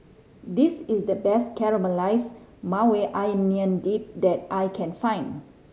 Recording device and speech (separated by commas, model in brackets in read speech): mobile phone (Samsung C5010), read sentence